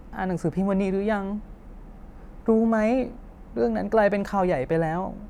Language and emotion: Thai, sad